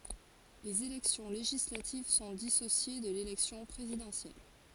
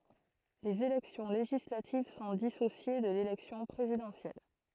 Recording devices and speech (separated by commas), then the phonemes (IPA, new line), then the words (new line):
forehead accelerometer, throat microphone, read sentence
lez elɛksjɔ̃ leʒislativ sɔ̃ disosje də lelɛksjɔ̃ pʁezidɑ̃sjɛl
Les élections législatives sont dissociées de l'élection présidentielle.